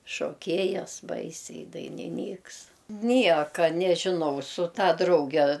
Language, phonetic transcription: Lithuanian, šoˈkėjas ˈbaisiai i dainiˈnyks ˈnieka nežiˈnau su ˈta ˈdrauge

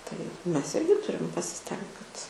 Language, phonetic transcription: Lithuanian, tai ˈmes ˈirgi ˈturim pasiˈstengt kad

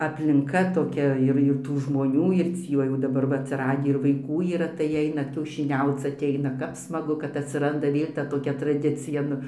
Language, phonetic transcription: Lithuanian, aplinˈka toˈkia ir ir ˈtų žmoˈnių ir ˈcį va jau daˈbar va atsiˈradį ir vaiˈkų yˈra tai ˈeina kiaušiˈniauc atˈeina ˈkap smaˈgu kad atsiˈranda ˈvėl' ta toˈkia traˈdicija ˈnu

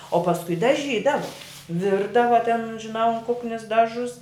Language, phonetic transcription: Lithuanian, o pasˈkui daˈžydavo ˈvirdava ten žiˈnau an ˈkuknis ˈdažus

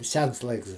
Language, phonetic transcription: Lithuanian, ˈsens ˈlaiks

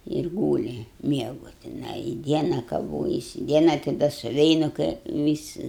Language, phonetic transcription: Lithuanian, ir ˈgūli ˈmiegu tiˈnai i ˈdiena kaˈvojasi ˈdiena tai ˈda suˈveinu kai ˈvisi

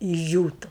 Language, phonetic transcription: Lithuanian, išˈdžiūtu

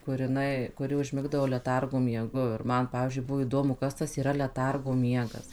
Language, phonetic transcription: Lithuanian, kur jiˈnai kuˈri užˈmigdavo leˈtargo mieˈgu ir ˈman ˈpavyzdžiui ˈbuvo įˈdomu ˈkas tas yˈra leˈtargo ˈmiegas

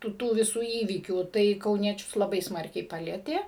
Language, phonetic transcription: Lithuanian, ˈtų ˈtų viˈsų ˈįvykių tai kauˈniečius laˈbai ˈsmarkiai ˈpalietė

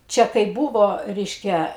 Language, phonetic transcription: Lithuanian, ˈčia kai ˈbūvo ˈreiškia

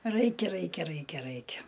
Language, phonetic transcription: Lithuanian, ˈraikia ˈraikia ˈraikia ˈraikia

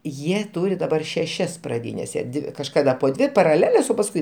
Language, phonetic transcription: Lithuanian, ˈjie ˈtūri daˈbar šeˈšias praˈdynes jie ˈdi kažˈkada po ˈdvi paraˈleles o pasˈ kui

